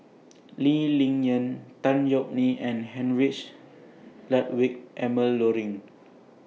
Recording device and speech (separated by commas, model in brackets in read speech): mobile phone (iPhone 6), read sentence